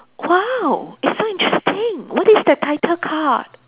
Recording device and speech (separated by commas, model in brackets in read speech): telephone, conversation in separate rooms